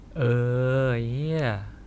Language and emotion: Thai, frustrated